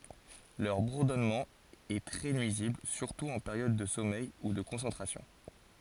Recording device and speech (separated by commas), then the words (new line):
forehead accelerometer, read sentence
Leur bourdonnement est très nuisible, surtout en période de sommeil ou de concentration.